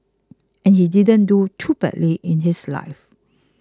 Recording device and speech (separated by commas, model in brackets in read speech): close-talking microphone (WH20), read sentence